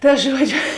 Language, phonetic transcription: Lithuanian, ˈta ˈžuodžiu

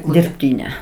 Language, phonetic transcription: Lithuanian, dirbˈtyne

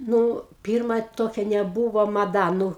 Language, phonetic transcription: Lithuanian, ˈnu ˈpyrma ˈtokia neˈbūvo maˈda ˈnu

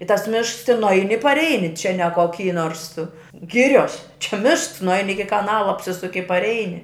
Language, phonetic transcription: Lithuanian, i tas ˈmišks tin nuˈaini i parˈeini čia ne koˈky nors ˈgirios čia ˈmišks nuˈaini ˈiki kaˈnala apˈsisuki i parˈeini

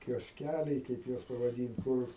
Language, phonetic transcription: Lithuanian, kiosˈkæliai ˈkaip juos pavaˈdynt ˈkur

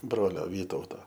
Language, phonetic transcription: Lithuanian, ˈbrolio ˈvytauto

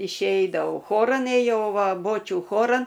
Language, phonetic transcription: Lithuanian, išˈeidavau ˈchoran ėjau ˈva ˈbočių ˈchoran

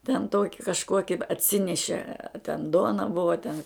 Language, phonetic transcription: Lithuanian, ten ˈtoki kažˈkoki atˈsineše a ten ˈduona ˈbuva a ten

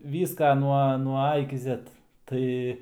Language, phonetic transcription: Lithuanian, ˈvyska nuo nuo ˈa iki ˈzet ˈtai

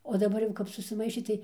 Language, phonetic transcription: Lithuanian, o daˈbar jau ˈkap susiˈmaišė tai

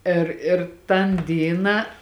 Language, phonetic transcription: Lithuanian, ˈir ir tan ˈdyną

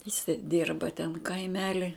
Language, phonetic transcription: Lithuanian, jiˈsai ˈdyrba ten kaiˈmeli

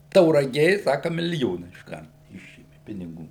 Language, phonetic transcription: Lithuanian, tauraˈgė ˈsaka miliˈjona išˈkart ˈišėmi piniˈgų

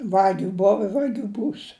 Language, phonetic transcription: Lithuanian, ˈvagiu ˈbova i ˈvagiu ˈbūs

